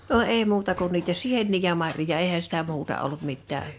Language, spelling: Finnish, no ei muuta kuin niitä sieniä ja marjoja eihän sitä muuta ollut mitään
- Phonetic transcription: 'no 'ee 'muuta kun niitä "siennii ja 'marjoja 'eehä sitä 'muuta ollut 'mittää .

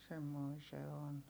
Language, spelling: Finnish, semmoinen se on
- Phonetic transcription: semmoi se on .

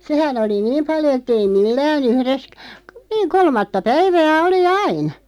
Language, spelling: Finnish, sehän oli niin paljon että ei millään yhdessä - niin kolmatta päivää oli aina
- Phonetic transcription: 'sehän ‿oli "niim paljo ettei 'millää'n ‿uhres ᵏ- , niiŋ "kolmatta 'päivää 'oli "ain̬ .

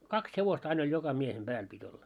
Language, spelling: Finnish, kaksi hevosta aina oli joka miehen päälle piti olla
- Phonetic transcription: 'kaks 'hevosta ain ‿oĺ 'joka 'miehem 'ʙääl pit́ ‿olla .

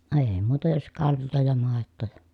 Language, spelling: Finnish, ei muuta jos kaljaa ja maitoa ja
- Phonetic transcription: ee muuta jos kalj̀oo ja màettoo ja ,.

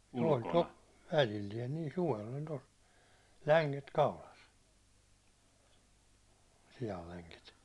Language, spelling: Finnish, oli - välillään niin suvella oli tuossa länget kaulassa sianlänget
- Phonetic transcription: ol' to- , 'välilliɛn nii , 'suvel ol' tos , 'läŋket 'kaulas , 'sijalläŋket .

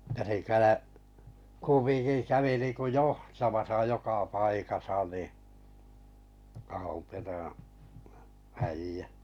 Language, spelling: Finnish, ja se - kumminkin kävi niin kuin johtamassa joka paikassa niin Ahonperän äijä
- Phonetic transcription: ja se 'kälä- , 'kummiŋki 'kävi niŋku "johtamasa 'joka 'paikasa ni , Aho(m)perää̰ 'äijä .

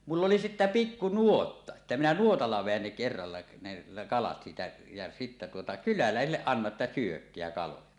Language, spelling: Finnish, muille oli sitten pikku nuotta että minä nuotalla vedän ne kerralla ne kalat siitä ja sitten tuota kyläläisille annan että syökää kaloja
- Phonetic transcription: muil ‿oli sittä "pikku "nuotta , [et]tä minä "nuotalla veän ne 'kerralla ne 'kalat siitä jä sitte tuota 'kylälä̀esilleˀ ˀannaˀ ˀettä » "syökkeä kaloja « .

